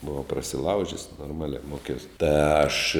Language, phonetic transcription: Lithuanian, buˈvau prasiˈlaužis norˈmaliā ˈmokiaus ta aš

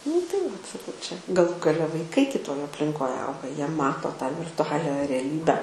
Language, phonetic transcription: Lithuanian, nu tai vat saˈkau čia gaˈlų gaˈle vaiˈkai kiˈtoj aplinˈkoj ˈauga ˈjie ˈmato tą virtuˈalia reˈlybe

